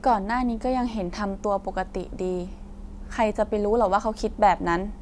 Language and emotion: Thai, frustrated